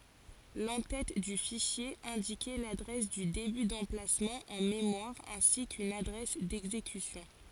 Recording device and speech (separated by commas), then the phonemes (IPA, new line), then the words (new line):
forehead accelerometer, read sentence
lɑ̃ tɛt dy fiʃje ɛ̃dikɛ ladʁɛs dy deby dɑ̃plasmɑ̃ ɑ̃ memwaʁ ɛ̃si kyn adʁɛs dɛɡzekysjɔ̃
L'en-tête du fichier indiquait l'adresse du début d'emplacement en mémoire ainsi qu'une adresse d'exécution.